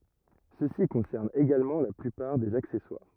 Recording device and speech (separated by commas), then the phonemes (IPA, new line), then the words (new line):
rigid in-ear microphone, read sentence
səsi kɔ̃sɛʁn eɡalmɑ̃ la plypaʁ dez aksɛswaʁ
Ceci concerne également la plupart des accessoires.